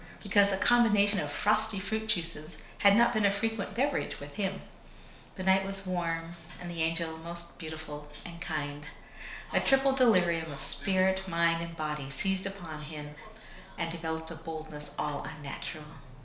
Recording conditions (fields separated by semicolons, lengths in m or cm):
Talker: one person; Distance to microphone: 1.0 m; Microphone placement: close; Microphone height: 1.1 m; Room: small (3.7 m by 2.7 m); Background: television